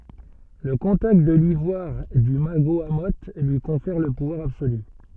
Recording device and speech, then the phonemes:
soft in-ear microphone, read sentence
lə kɔ̃takt də livwaʁ dy maɡoamo lyi kɔ̃fɛʁ lə puvwaʁ absoly

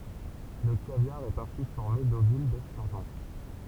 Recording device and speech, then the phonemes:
temple vibration pickup, read sentence
lə kavjaʁ ɛt ɛ̃si fɔʁme dovyl dɛstyʁʒɔ̃

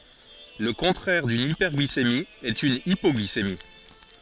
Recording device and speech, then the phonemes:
forehead accelerometer, read sentence
lə kɔ̃tʁɛʁ dyn ipɛʁɡlisemi ɛt yn ipɔɡlisemi

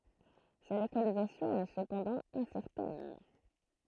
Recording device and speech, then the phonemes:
throat microphone, read sentence
sa lokalizasjɔ̃ ɛ səpɑ̃dɑ̃ ɛ̃sɛʁtɛn

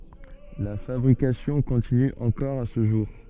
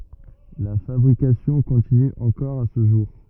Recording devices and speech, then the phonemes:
soft in-ear microphone, rigid in-ear microphone, read sentence
la fabʁikasjɔ̃ kɔ̃tiny ɑ̃kɔʁ a sə ʒuʁ

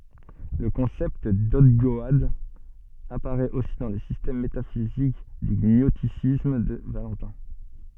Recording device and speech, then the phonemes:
soft in-ear microphone, read sentence
lə kɔ̃sɛpt dɔɡdɔad apaʁɛt osi dɑ̃ lə sistɛm metafizik dy ɲɔstisism də valɑ̃tɛ̃

